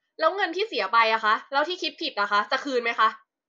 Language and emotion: Thai, angry